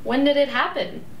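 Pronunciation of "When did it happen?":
'When did it happen?' is asked with a rising intonation.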